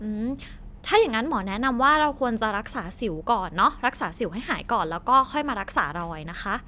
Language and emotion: Thai, neutral